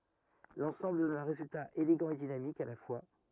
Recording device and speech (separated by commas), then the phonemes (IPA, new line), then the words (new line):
rigid in-ear microphone, read sentence
lɑ̃sɑ̃bl dɔn œ̃ ʁezylta eleɡɑ̃ e dinamik a la fwa
L'ensemble donne un résultat élégant et dynamique à la fois.